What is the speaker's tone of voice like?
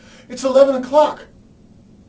fearful